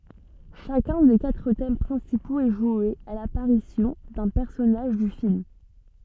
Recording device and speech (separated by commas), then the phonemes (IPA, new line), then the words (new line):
soft in-ear microphone, read sentence
ʃakœ̃ de katʁ tɛm pʁɛ̃sipoz ɛ ʒwe a lapaʁisjɔ̃ dœ̃ pɛʁsɔnaʒ dy film
Chacun des quatre thèmes principaux est joué à l'apparition d'un personnage du film.